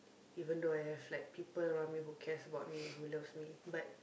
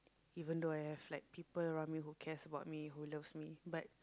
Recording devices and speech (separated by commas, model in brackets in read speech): boundary microphone, close-talking microphone, conversation in the same room